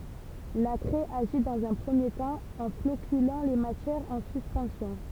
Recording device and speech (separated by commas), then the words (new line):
temple vibration pickup, read sentence
La craie agit dans un premier temps, en floculant les matières en suspension.